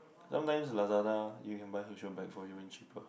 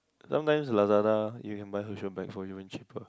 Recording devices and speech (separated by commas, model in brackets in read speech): boundary microphone, close-talking microphone, conversation in the same room